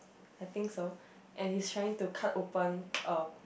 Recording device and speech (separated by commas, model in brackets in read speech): boundary microphone, conversation in the same room